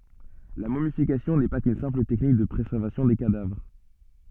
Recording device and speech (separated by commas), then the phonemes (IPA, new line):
soft in-ear microphone, read sentence
la momifikasjɔ̃ nɛ pa kyn sɛ̃pl tɛknik də pʁezɛʁvasjɔ̃ de kadavʁ